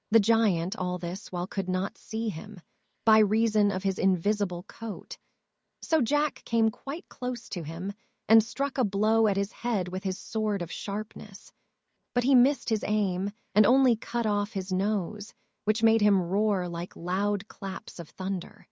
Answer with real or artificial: artificial